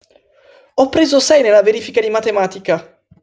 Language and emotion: Italian, happy